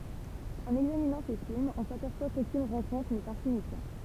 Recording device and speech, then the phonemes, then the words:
temple vibration pickup, read sentence
ɑ̃n ɛɡzaminɑ̃ se filmz ɔ̃ sapɛʁswa kokyn ʁɑ̃kɔ̃tʁ nɛt ɛ̃siɲifjɑ̃t
En examinant ses films, on s'aperçoit qu'aucune rencontre n'est insignifiante.

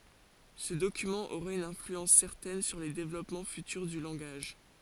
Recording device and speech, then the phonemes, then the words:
forehead accelerometer, read sentence
sə dokymɑ̃ oʁa yn ɛ̃flyɑ̃s sɛʁtɛn syʁ le devlɔpmɑ̃ fytyʁ dy lɑ̃ɡaʒ
Ce document aura une influence certaine sur les développements futurs du langage.

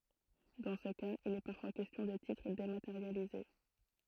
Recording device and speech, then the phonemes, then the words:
throat microphone, read sentence
dɑ̃ sə kaz il ɛ paʁfwa kɛstjɔ̃ də titʁ demateʁjalize
Dans ce cas, il est parfois question de titres dématérialisés.

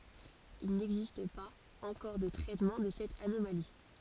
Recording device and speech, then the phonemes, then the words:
forehead accelerometer, read sentence
il nɛɡzist paz ɑ̃kɔʁ də tʁɛtmɑ̃ də sɛt anomali
Il n'existe pas encore de traitement de cette anomalie.

